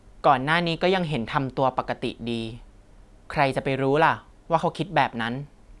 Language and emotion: Thai, neutral